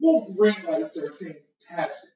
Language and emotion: English, sad